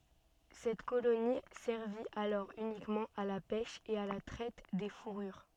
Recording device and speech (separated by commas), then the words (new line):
soft in-ear microphone, read sentence
Cette colonie servit alors uniquement à la pêche et à la traite des fourrures.